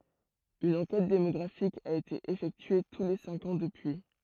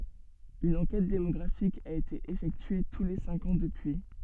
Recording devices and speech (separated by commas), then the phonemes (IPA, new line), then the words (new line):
throat microphone, soft in-ear microphone, read sentence
yn ɑ̃kɛt demɔɡʁafik a ete efɛktye tu le sɛ̃k ɑ̃ dəpyi
Une enquête démographique a été effectuée tous les cinq ans depuis.